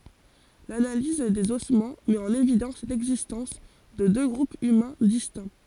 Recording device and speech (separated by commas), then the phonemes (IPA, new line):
forehead accelerometer, read sentence
lanaliz dez ɔsmɑ̃ mɛt ɑ̃n evidɑ̃s lɛɡzistɑ̃s də dø ɡʁupz ymɛ̃ distɛ̃